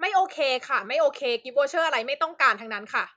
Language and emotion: Thai, angry